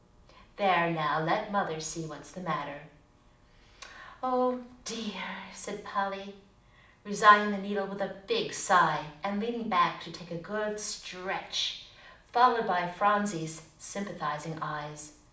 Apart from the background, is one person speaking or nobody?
One person.